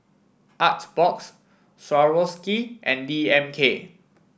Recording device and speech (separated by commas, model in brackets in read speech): boundary microphone (BM630), read sentence